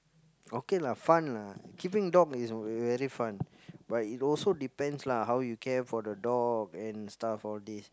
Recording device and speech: close-talking microphone, conversation in the same room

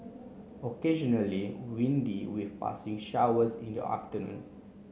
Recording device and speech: mobile phone (Samsung C9), read sentence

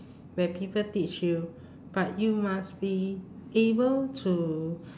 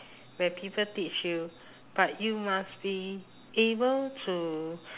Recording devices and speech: standing microphone, telephone, conversation in separate rooms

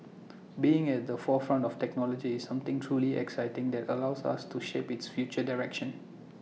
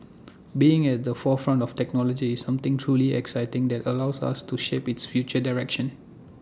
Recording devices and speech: mobile phone (iPhone 6), standing microphone (AKG C214), read sentence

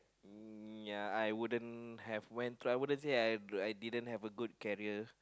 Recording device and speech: close-talking microphone, conversation in the same room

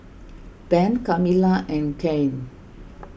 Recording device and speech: boundary microphone (BM630), read sentence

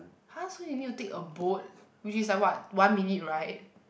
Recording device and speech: boundary microphone, conversation in the same room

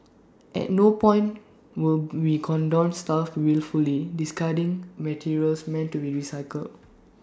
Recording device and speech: standing microphone (AKG C214), read sentence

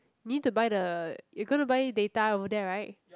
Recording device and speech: close-talking microphone, conversation in the same room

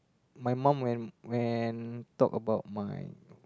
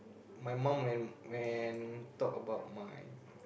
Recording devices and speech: close-talking microphone, boundary microphone, conversation in the same room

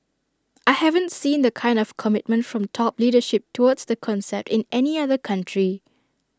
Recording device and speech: standing microphone (AKG C214), read sentence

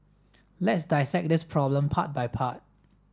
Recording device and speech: standing microphone (AKG C214), read sentence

